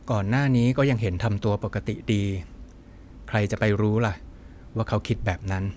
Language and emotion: Thai, neutral